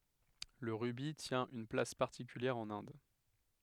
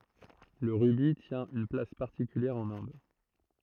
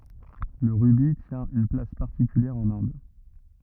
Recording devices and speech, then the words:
headset microphone, throat microphone, rigid in-ear microphone, read sentence
Le rubis tient une place particulière en Inde.

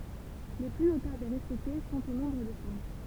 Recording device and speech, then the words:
temple vibration pickup, read sentence
Les plus notables et respectés sont au nombre de cinq.

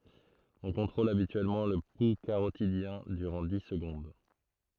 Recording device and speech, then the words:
throat microphone, read sentence
On contrôle habituellement le pouls carotidien durant dix secondes.

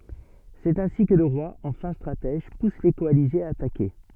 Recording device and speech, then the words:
soft in-ear microphone, read sentence
C’est ainsi que le roi, en fin stratège, pousse les coalisés à attaquer.

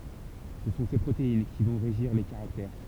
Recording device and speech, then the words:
temple vibration pickup, read sentence
Ce sont ces protéines qui vont régir les caractères.

